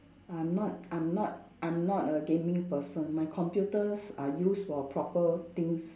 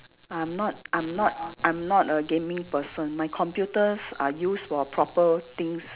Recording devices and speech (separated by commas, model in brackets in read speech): standing microphone, telephone, conversation in separate rooms